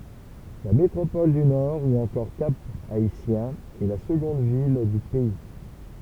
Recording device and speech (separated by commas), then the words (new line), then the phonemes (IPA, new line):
temple vibration pickup, read sentence
La métropole du Nord ou encore Cap-Haïtien est la seconde ville du pays.
la metʁopɔl dy nɔʁ u ɑ̃kɔʁ kap aitjɛ̃ ɛ la səɡɔ̃d vil dy pɛi